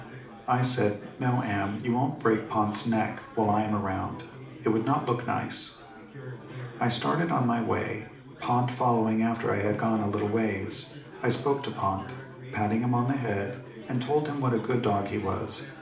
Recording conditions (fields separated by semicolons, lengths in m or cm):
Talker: one person; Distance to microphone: 2.0 m; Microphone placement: close; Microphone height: 99 cm; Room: medium-sized (5.7 m by 4.0 m); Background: babble